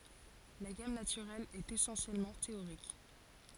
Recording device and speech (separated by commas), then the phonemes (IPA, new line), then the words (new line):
forehead accelerometer, read sentence
la ɡam natyʁɛl ɛt esɑ̃sjɛlmɑ̃ teoʁik
La gamme naturelle est essentiellement théorique.